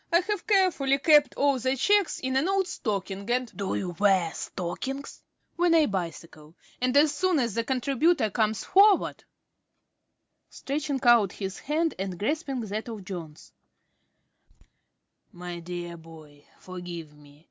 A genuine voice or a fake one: genuine